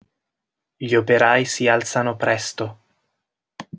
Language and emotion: Italian, neutral